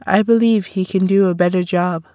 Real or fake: real